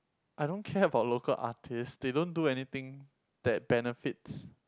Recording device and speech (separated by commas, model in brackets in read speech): close-talking microphone, conversation in the same room